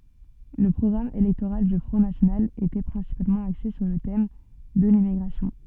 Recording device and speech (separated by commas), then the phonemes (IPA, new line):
soft in-ear microphone, read sentence
lə pʁɔɡʁam elɛktoʁal dy fʁɔ̃ nasjonal etɛ pʁɛ̃sipalmɑ̃ akse syʁ lə tɛm də limmiɡʁasjɔ̃